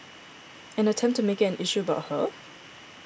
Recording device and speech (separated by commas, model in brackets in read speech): boundary microphone (BM630), read sentence